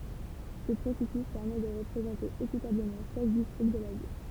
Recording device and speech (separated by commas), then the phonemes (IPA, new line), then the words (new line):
temple vibration pickup, read sentence
sə pʁosɛsys pɛʁmɛ də ʁəpʁezɑ̃te ekitabləmɑ̃ ʃak distʁikt də la vil
Ce processus permet de représenter équitablement chaque district de la ville.